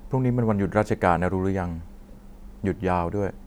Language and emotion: Thai, neutral